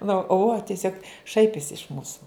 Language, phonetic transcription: Lithuanian, nu u o tieˈsiog ˈšaipisi iš ˈmūsu

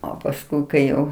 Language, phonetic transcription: Lithuanian, o pasˈkui kai ˈjau

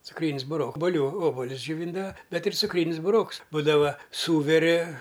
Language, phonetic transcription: Lithuanian, cukˈrynis buˈrok obuˈlių ˈobulius džioˈvyndava ˈbet ir cukˈrynis buˈroks ˈbūdava ˈsūveri

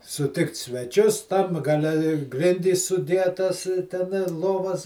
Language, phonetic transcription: Lithuanian, suˈtikt sveˈčius tam gaˈle i ˈgrindys sudˈietas ˈten i ˈlovas

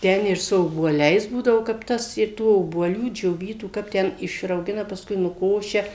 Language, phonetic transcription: Lithuanian, ˈten ir su obuoˈliais ˈbūdavo kap ˈtas ir ˈtų obuoˈlių džioˈvytų ˈkap ten išrauˈgina pasˈkui nuˈkošia

